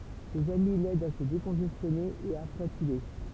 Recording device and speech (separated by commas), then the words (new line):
temple vibration pickup, read sentence
Ses amis l'aident à se décongestionner et à flatuler.